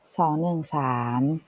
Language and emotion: Thai, neutral